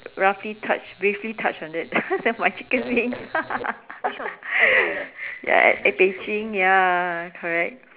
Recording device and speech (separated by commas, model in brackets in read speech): telephone, conversation in separate rooms